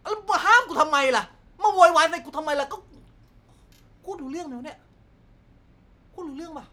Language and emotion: Thai, angry